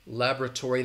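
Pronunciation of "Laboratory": In 'laboratory', the stress is on the first syllable, and the second syllable has a schwa, an uh sound.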